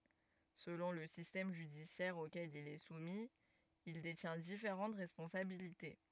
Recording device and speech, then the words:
rigid in-ear microphone, read sentence
Selon le système judiciaire auquel il est soumis, il détient différentes responsabilités.

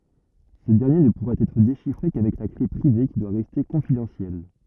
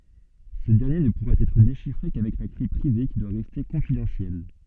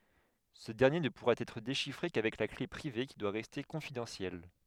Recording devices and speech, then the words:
rigid in-ear microphone, soft in-ear microphone, headset microphone, read sentence
Ce dernier ne pourra être déchiffré qu'avec la clé privée, qui doit rester confidentielle.

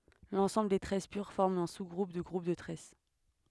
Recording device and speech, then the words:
headset microphone, read sentence
L'ensemble des tresses pures forme un sous-groupe du groupe de tresses.

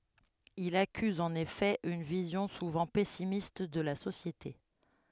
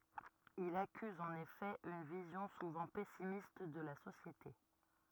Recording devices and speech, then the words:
headset microphone, rigid in-ear microphone, read sentence
Il accuse en effet une vision souvent pessimiste de la société.

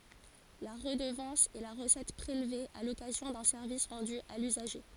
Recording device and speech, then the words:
forehead accelerometer, read sentence
La redevance est la recette prélevée à l’occasion d’un service rendu à l’usager.

